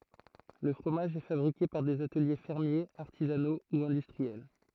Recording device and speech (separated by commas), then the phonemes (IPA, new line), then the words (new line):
throat microphone, read sentence
lə fʁomaʒ ɛ fabʁike paʁ dez atəlje fɛʁmjez aʁtizano u ɛ̃dystʁiɛl
Le fromage est fabriqué par des ateliers fermiers, artisanaux ou industriels.